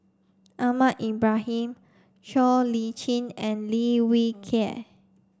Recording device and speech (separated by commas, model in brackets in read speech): standing microphone (AKG C214), read sentence